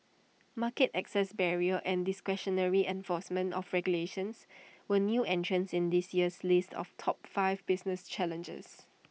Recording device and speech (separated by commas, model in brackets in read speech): mobile phone (iPhone 6), read sentence